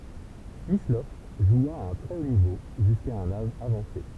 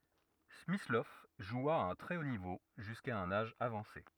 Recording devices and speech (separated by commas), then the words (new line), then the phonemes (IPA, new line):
temple vibration pickup, rigid in-ear microphone, read sentence
Smyslov joua à un très haut niveau jusqu'à un âge avancé.
smislɔv ʒwa a œ̃ tʁɛ o nivo ʒyska œ̃n aʒ avɑ̃se